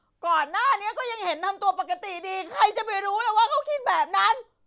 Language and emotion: Thai, angry